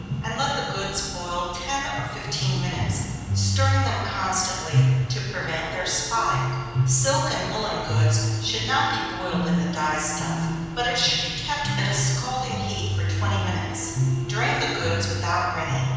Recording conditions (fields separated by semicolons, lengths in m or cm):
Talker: one person; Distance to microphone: 7.1 m; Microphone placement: far; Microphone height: 1.7 m; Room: very reverberant, large; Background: music